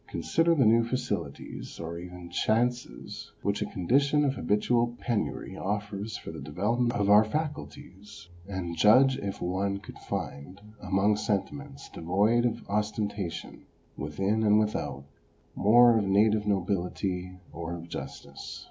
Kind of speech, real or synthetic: real